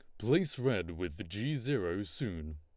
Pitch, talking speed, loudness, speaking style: 110 Hz, 155 wpm, -35 LUFS, Lombard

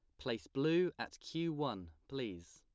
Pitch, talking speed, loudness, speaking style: 120 Hz, 155 wpm, -39 LUFS, plain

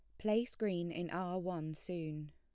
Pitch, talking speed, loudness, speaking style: 175 Hz, 170 wpm, -39 LUFS, plain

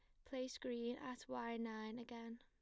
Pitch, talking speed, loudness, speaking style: 235 Hz, 165 wpm, -48 LUFS, plain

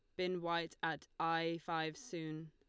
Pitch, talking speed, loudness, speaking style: 165 Hz, 155 wpm, -40 LUFS, Lombard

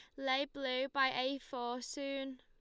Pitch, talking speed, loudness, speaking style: 265 Hz, 165 wpm, -37 LUFS, Lombard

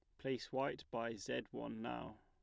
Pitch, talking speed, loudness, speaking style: 125 Hz, 175 wpm, -44 LUFS, plain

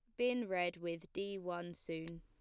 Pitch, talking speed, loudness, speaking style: 175 Hz, 180 wpm, -41 LUFS, plain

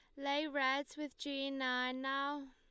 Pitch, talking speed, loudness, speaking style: 275 Hz, 155 wpm, -38 LUFS, Lombard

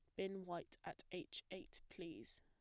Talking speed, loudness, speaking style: 165 wpm, -51 LUFS, plain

